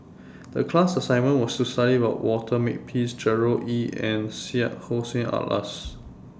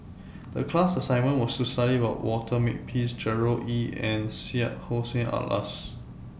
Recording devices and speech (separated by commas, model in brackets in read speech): standing microphone (AKG C214), boundary microphone (BM630), read sentence